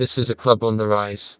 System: TTS, vocoder